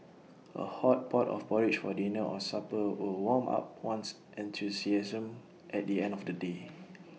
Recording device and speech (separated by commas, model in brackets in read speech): mobile phone (iPhone 6), read sentence